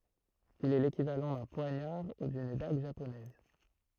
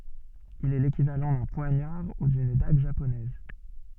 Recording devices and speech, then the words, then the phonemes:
throat microphone, soft in-ear microphone, read sentence
Il est l'équivalent d'un poignard ou d'une dague japonaise.
il ɛ lekivalɑ̃ dœ̃ pwaɲaʁ u dyn daɡ ʒaponɛz

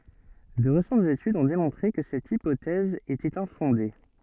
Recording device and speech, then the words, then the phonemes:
soft in-ear microphone, read sentence
De récentes études ont démontré que cette hypothèse était infondée.
də ʁesɑ̃tz etydz ɔ̃ demɔ̃tʁe kə sɛt ipotɛz etɛt ɛ̃fɔ̃de

